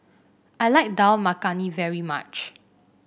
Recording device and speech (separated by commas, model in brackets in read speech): boundary microphone (BM630), read sentence